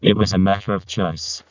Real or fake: fake